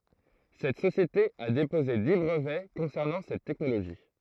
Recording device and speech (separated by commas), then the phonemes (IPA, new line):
throat microphone, read sentence
sɛt sosjete a depoze di bʁəvɛ kɔ̃sɛʁnɑ̃ sɛt tɛknoloʒi